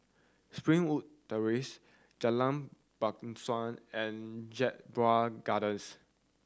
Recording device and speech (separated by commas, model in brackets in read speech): standing microphone (AKG C214), read sentence